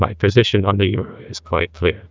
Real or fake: fake